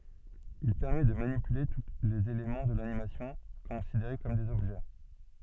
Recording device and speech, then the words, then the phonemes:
soft in-ear microphone, read sentence
Il permet de manipuler tous les éléments de l'animation, considérés comme des objets.
il pɛʁmɛ də manipyle tu lez elemɑ̃ də lanimasjɔ̃ kɔ̃sideʁe kɔm dez ɔbʒɛ

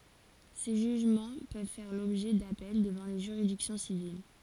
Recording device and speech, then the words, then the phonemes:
forehead accelerometer, read sentence
Ces jugements peuvent faire l'objet d'appels devant les juridictions civiles.
se ʒyʒmɑ̃ pøv fɛʁ lɔbʒɛ dapɛl dəvɑ̃ le ʒyʁidiksjɔ̃ sivil

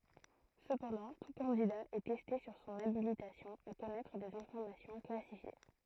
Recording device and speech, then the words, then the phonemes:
throat microphone, read sentence
Cependant, tout candidat est testé sur son habilitation à connaître des informations classifiées.
səpɑ̃dɑ̃ tu kɑ̃dida ɛ tɛste syʁ sɔ̃n abilitasjɔ̃ a kɔnɛtʁ dez ɛ̃fɔʁmasjɔ̃ klasifje

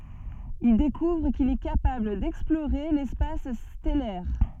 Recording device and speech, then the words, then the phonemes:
soft in-ear microphone, read sentence
Il découvre qu'il est capable d'explorer l'espace stellaire.
il dekuvʁ kil ɛ kapabl dɛksploʁe lɛspas stɛlɛʁ

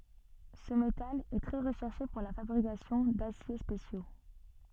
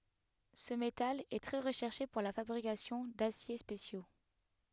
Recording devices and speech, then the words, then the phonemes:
soft in-ear microphone, headset microphone, read sentence
Ce métal est très recherché pour la fabrication d'aciers spéciaux.
sə metal ɛ tʁɛ ʁəʃɛʁʃe puʁ la fabʁikasjɔ̃ dasje spesjo

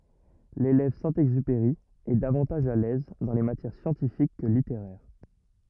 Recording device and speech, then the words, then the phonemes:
rigid in-ear microphone, read sentence
L'élève Saint-Exupéry est davantage à l'aise dans les matières scientifiques que littéraires.
lelɛv sɛ̃ ɛɡzypeʁi ɛ davɑ̃taʒ a lɛz dɑ̃ le matjɛʁ sjɑ̃tifik kə liteʁɛʁ

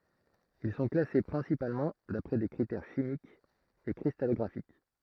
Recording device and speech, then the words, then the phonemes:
throat microphone, read sentence
Ils sont classés principalement d'après des critères chimiques et cristallographiques.
il sɔ̃ klase pʁɛ̃sipalmɑ̃ dapʁɛ de kʁitɛʁ ʃimikz e kʁistalɔɡʁafik

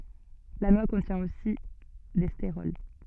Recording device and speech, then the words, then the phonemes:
soft in-ear microphone, read sentence
La noix contient aussi des stérols.
la nwa kɔ̃tjɛ̃ osi de steʁɔl

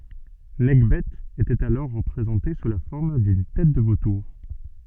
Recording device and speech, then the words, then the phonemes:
soft in-ear microphone, read sentence
Nekhbet était alors représentée sous la forme d'une tête de vautour.
nɛkbɛ etɛt alɔʁ ʁəpʁezɑ̃te su la fɔʁm dyn tɛt də votuʁ

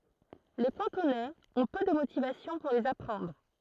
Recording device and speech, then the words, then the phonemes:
throat microphone, read sentence
Les Cantonais ont peu de motivations pour les apprendre.
le kɑ̃tonɛz ɔ̃ pø də motivasjɔ̃ puʁ lez apʁɑ̃dʁ

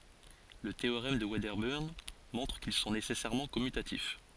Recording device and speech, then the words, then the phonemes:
forehead accelerometer, read sentence
Le théorème de Wedderburn montre qu'ils sont nécessairement commutatifs.
lə teoʁɛm də vɛdəbəʁn mɔ̃tʁ kil sɔ̃ nesɛsɛʁmɑ̃ kɔmytatif

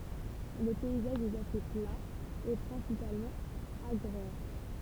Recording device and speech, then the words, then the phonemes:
temple vibration pickup, read sentence
Le paysage est assez plat et principalement agraire.
lə pɛizaʒ ɛt ase pla e pʁɛ̃sipalmɑ̃ aɡʁɛʁ

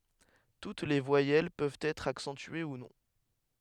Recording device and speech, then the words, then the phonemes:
headset microphone, read sentence
Toutes les voyelles peuvent être accentuées ou non.
tut le vwajɛl pøvt ɛtʁ aksɑ̃tye u nɔ̃

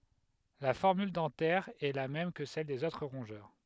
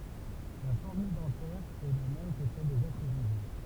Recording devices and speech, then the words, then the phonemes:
headset microphone, temple vibration pickup, read sentence
La formule dentaire est la même que celle des autres rongeurs.
la fɔʁmyl dɑ̃tɛʁ ɛ la mɛm kə sɛl dez otʁ ʁɔ̃ʒœʁ

